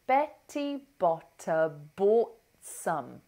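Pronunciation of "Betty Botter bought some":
In 'bought some', the t at the end of 'bought' is not released before 'some'.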